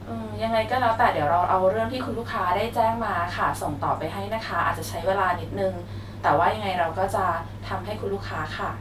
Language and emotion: Thai, neutral